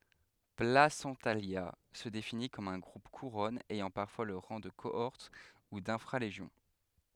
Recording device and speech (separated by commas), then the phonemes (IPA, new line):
headset microphone, read sentence
plasɑ̃talja sə defini kɔm œ̃ ɡʁup kuʁɔn ɛjɑ̃ paʁfwa lə ʁɑ̃ də koɔʁt u dɛ̃fʁa leʒjɔ̃